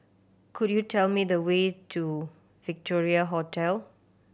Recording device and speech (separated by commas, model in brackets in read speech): boundary microphone (BM630), read sentence